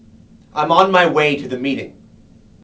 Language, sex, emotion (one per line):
English
male
neutral